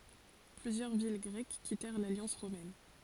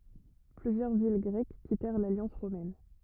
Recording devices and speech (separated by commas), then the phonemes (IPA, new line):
forehead accelerometer, rigid in-ear microphone, read sentence
plyzjœʁ vil ɡʁɛk kitɛʁ laljɑ̃s ʁomɛn